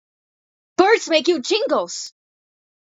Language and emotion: English, surprised